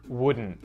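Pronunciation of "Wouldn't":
In 'wouldn't', the T after the N is muted.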